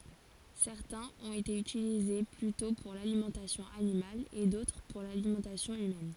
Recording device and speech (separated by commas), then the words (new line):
forehead accelerometer, read sentence
Certains ont été utilisés plutôt pour l'alimentation animale, et d'autres pour l'alimentation humaine.